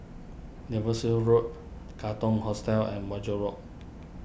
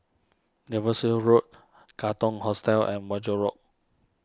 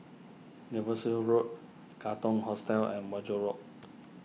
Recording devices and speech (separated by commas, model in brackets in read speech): boundary microphone (BM630), standing microphone (AKG C214), mobile phone (iPhone 6), read sentence